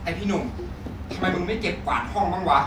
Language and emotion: Thai, angry